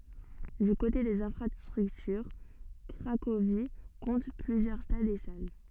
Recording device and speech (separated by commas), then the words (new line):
soft in-ear microphone, read sentence
Du côté des infrastructures, Cracovie compte plusieurs stades et salles.